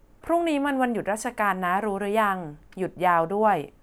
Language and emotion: Thai, neutral